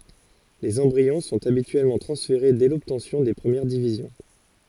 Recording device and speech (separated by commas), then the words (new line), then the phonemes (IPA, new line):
forehead accelerometer, read sentence
Les embryons sont habituellement transférés dès l'obtention des premières divisions.
lez ɑ̃bʁiɔ̃ sɔ̃t abityɛlmɑ̃ tʁɑ̃sfeʁe dɛ lɔbtɑ̃sjɔ̃ de pʁəmjɛʁ divizjɔ̃